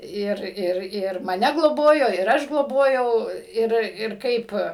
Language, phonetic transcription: Lithuanian, ˈir ˈir ˈir maˈne gloˈbojo ir ˈaš gloˈbojau ˈir ir ˈkaip

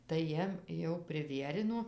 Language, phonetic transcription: Lithuanian, tai ˈjiem jau priˈvierino

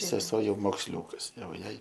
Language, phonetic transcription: Lithuanian, seˈsuo ˈjau moksˈliūkas ˈjau ˈjai

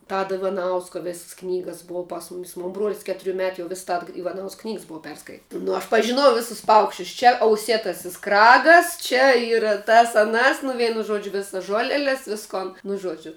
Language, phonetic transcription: Lithuanian, ˈtado ivaˈnausko ˈvėss ˈknygas ˈbua pas ˈmumis mon ˈbruol's' ˈketuriu ˈmetu jau ˈvis ˈtad ivaˈnausk ˈknygs ˈbua ˈperskait' nu aš pažiˈnojau ˈvėsus ˈpaukščius čia auˈsėtasis ˈkragas čia ˈyra tas aˈnas nu ˈveinu ˈžuodžiu ˈvisas ˈžuoleles ˈviskon nu ˈžuodžiu

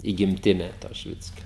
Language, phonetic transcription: Lithuanian, į gimˈtine to šiˈvickio

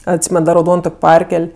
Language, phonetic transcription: Lithuanian, atˈsymen da rauˈdon ˈtok' ˈparkel'

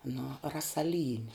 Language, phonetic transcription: Lithuanian, nu rasaˈlyni

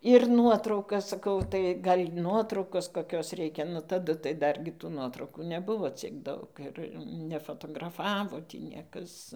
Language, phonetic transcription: Lithuanian, ir ˈnuotraukas saˈkau tai ˈgal' ˈnuotraukos koˈkios ˈreikia nu taˈdu tai ˈdargi tų ˈnuotraukų neˈbuvo ˈciek ˈdaug ir nefotograˈfavo tį ˈniekas

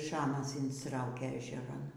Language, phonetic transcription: Lithuanian, ˈšamas instˈraukė ežeˈran

